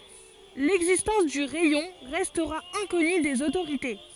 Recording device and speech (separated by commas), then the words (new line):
forehead accelerometer, read sentence
L'existence du rayon restera inconnue des autorités.